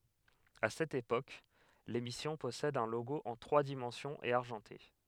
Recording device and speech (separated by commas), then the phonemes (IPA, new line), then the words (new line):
headset microphone, read sentence
a sɛt epok lemisjɔ̃ pɔsɛd œ̃ loɡo ɑ̃ tʁwa dimɑ̃sjɔ̃z e aʁʒɑ̃te
À cette époque, l'émission possède un logo en trois dimensions et argenté.